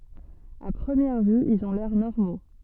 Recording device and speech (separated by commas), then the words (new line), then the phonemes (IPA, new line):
soft in-ear microphone, read sentence
À première vue, ils ont l'air normaux.
a pʁəmjɛʁ vy ilz ɔ̃ lɛʁ nɔʁmo